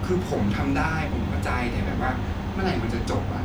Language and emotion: Thai, frustrated